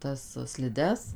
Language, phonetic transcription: Lithuanian, ˈtas sliˈdes

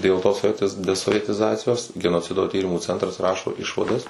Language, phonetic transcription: Lithuanian, dėl tos soˈvietiz desovietiˈzacijos genoˈcido ˈtyrimų ˈcentras ˈrašo ˈišvadas

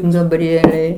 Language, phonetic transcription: Lithuanian, gabˈrielei

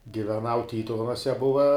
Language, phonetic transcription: Lithuanian, giveˈnau ˈtytuvenuose ˈbuva

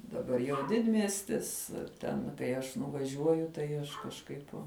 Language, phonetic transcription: Lithuanian, daˈbar jau ˈdidmiestis ˈten kai ˈaš nuvaˈžiuoju tai ˈaš kažˈkaip

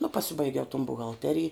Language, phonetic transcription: Lithuanian, nu paˈsibaigiau ton buhalˈterij

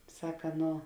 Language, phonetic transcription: Lithuanian, ˈsaka ˈno

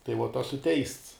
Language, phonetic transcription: Lithuanian, tai vot ˈosu teists

